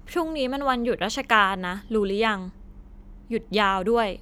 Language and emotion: Thai, frustrated